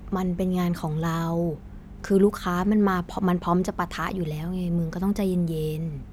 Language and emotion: Thai, neutral